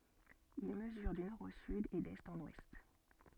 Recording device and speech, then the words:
soft in-ear microphone, read sentence
Il mesure du nord au sud et d'est en ouest.

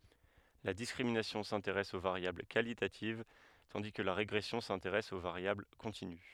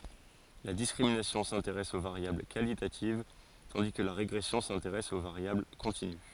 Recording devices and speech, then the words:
headset microphone, forehead accelerometer, read sentence
La discrimination s’intéresse aux variables qualitatives, tandis que la régression s’intéresse aux variables continues.

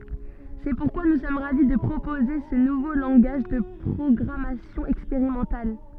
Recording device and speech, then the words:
soft in-ear microphone, read sentence
C’est pourquoi nous sommes ravis de proposer ce nouveau langage de programmation expérimental.

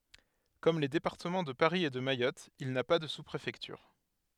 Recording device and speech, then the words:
headset microphone, read sentence
Comme les départements de Paris et de Mayotte, il n'a pas de sous-préfecture.

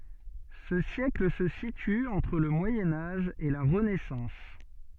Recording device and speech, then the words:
soft in-ear microphone, read sentence
Ce siècle se situe entre le Moyen Âge et la Renaissance.

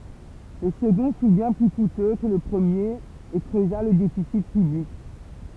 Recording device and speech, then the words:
temple vibration pickup, read sentence
Le second fut bien plus coûteux que le premier, et creusa le déficit public.

